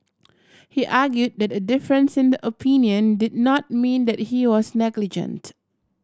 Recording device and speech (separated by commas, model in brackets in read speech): standing microphone (AKG C214), read sentence